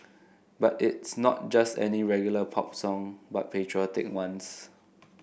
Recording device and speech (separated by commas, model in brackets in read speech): boundary microphone (BM630), read sentence